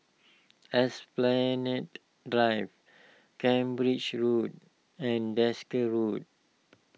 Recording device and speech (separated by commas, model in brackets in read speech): mobile phone (iPhone 6), read sentence